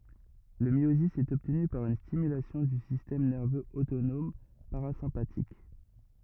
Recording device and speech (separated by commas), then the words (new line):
rigid in-ear microphone, read sentence
Le myosis est obtenu par une stimulation du système nerveux autonome parasympathique.